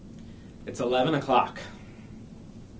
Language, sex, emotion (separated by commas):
English, male, neutral